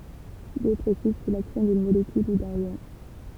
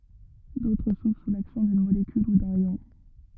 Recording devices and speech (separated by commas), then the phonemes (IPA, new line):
temple vibration pickup, rigid in-ear microphone, read sentence
dotʁ suvʁ su laksjɔ̃ dyn molekyl u dœ̃n jɔ̃